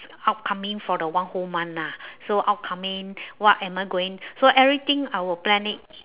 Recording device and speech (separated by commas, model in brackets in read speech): telephone, conversation in separate rooms